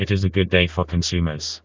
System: TTS, vocoder